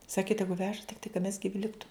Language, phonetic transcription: Lithuanian, ˈsaki ˈtegu ˈveža tikˈtai ka mes giˈvi ˈliktu

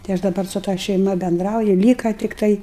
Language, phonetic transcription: Lithuanian, tai ˈaš daˈbar su ta šeiˈma benˈdrauju ˈlyka tikˈtai

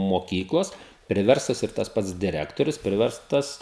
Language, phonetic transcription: Lithuanian, moˈkyklos priˈverstos ir tas ˈpats diˈrektorius ˈpriverstas

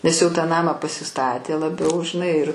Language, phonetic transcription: Lithuanian, nes jau tą ˈnamą pasiˈstatė laˈbiau žiˈnai ir

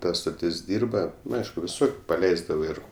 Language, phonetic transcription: Lithuanian, ˈta stoˈtis ˈdyrba nu ˈaišku viˈsur paˈleisdavo ˈir

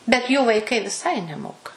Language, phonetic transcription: Lithuanian, bet jų vaiˈkai viˈsai neˈmoka

